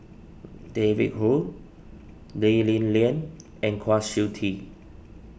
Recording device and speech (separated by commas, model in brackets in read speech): boundary microphone (BM630), read sentence